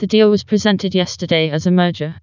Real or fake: fake